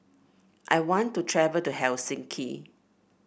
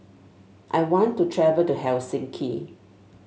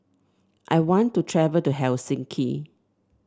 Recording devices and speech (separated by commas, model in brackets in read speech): boundary microphone (BM630), mobile phone (Samsung S8), standing microphone (AKG C214), read sentence